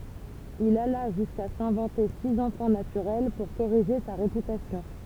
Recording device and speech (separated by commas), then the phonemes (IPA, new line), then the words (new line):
temple vibration pickup, read sentence
il ala ʒyska sɛ̃vɑ̃te siz ɑ̃fɑ̃ natyʁɛl puʁ koʁiʒe sa ʁepytasjɔ̃
Il alla jusqu'à s'inventer six enfants naturels pour corriger sa réputation.